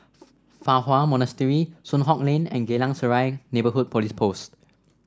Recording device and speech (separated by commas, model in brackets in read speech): standing microphone (AKG C214), read sentence